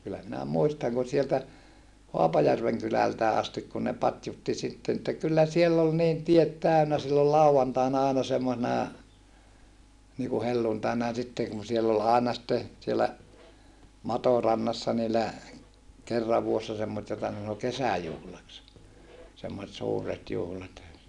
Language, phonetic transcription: Finnish, kyllä minä muistaŋ ku sieltä , Hoapajärveŋ kylältää astik kun ne patjutti sitten ‿että kyllä siell ‿ol niin tiet tä̀önä sillol lau₍antaina aina semmosena , niiku helluntaina ja sitte kun siell ‿ol àena sⁱtte , siellä , Matorannassa niillä , kerrav vuossa semmosᵉt jota ne sano kesäjuhlaks , semmoset suuret juhlat .
- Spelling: kyllä minä muistan kun sieltä Haapajärven kylältäkin asti kun ne patjutti sitten että kyllä siellä oli niin tiet täynnä silloin lauantaina aina semmoisena niin kuin helluntaina ja sitten kun siellä oli aina sitten siellä Matorannassa niillä kerran vuodessa semmoista jota ne sanoi kesäjuhlaksi semmoiset suuret juhlat

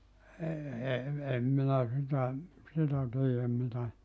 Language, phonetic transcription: Finnish, ee e , 'em minä 'sitä , sitä (tojem) mitä ,.
- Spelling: ei en en minä sitä sitä - mitä

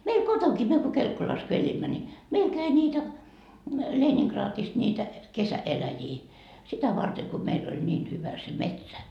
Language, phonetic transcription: Finnish, meil "kotoŋkii myö ko 'Kelkkolas ko 'elimmä ni , 'meil 'käi niitä 'Leeniŋkraatist niitä , 'kesä₍'eläjii , sitä varte ko meil ‿ol 'ńiin hyvä se "metsä .
- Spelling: meillä kotonakin me kun Kelkkolassa kun elimme niin meillä kävi niitä Leningradista niitä kesäeläjiä sitä varten kun meillä oli niin hyvä se metsä

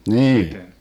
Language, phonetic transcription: Finnish, 'mnii .
- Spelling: niin

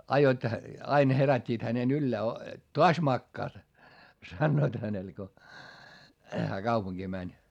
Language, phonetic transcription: Finnish, aijjoit , ain herät́t́iit hänen ‿yllää o , » toas makkaat » , sannoit hänel ko , hää kaupuŋGii mäń .
- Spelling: ajoivat aina herättivät hänen ylös - taas makaat sanoivat hänelle kun hän kaupunkiin meni

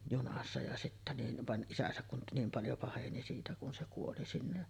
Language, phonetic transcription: Finnish, 'junassa ja sittä nin , 'van "ˀisäsäk kun 'niim 'paljo paheni siitä kun se 'kuoli sinne .
- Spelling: junassa ja sitten niin vaan isänsä kun niin paljon paheni siitä kun se kuoli sinne

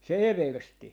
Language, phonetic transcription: Finnish, se "eversti .
- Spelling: se eversti

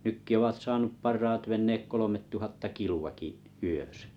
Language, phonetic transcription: Finnish, 'nykki ovat 'sasnup 'parraat venneek 'kolomettuhatta 'kilu₍aki’ , 'yösᴀ̈ .
- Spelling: nytkin ovat saanut parhaat veneet kolmetuhatta kiloakin yössä

